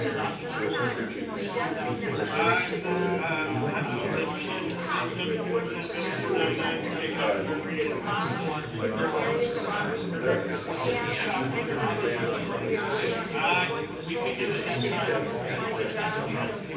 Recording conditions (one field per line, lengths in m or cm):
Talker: one person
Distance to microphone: 9.8 m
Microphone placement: far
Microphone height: 1.8 m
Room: large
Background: babble